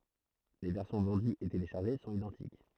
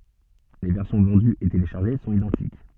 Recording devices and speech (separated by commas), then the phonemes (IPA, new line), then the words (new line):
throat microphone, soft in-ear microphone, read sentence
le vɛʁsjɔ̃ vɑ̃dyz e teleʃaʁʒe sɔ̃t idɑ̃tik
Les versions vendues et téléchargées sont identiques.